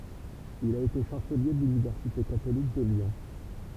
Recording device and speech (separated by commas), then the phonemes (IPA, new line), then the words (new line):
temple vibration pickup, read sentence
il a ete ʃɑ̃səlje də lynivɛʁsite katolik də ljɔ̃
Il a été chancelier de l'université catholique de Lyon.